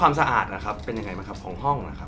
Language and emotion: Thai, neutral